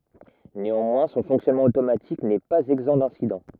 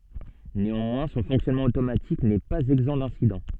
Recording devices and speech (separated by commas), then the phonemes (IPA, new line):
rigid in-ear microphone, soft in-ear microphone, read sentence
neɑ̃mwɛ̃ sɔ̃ fɔ̃ksjɔnmɑ̃ otomatik nɛ paz ɛɡzɑ̃ dɛ̃sidɑ̃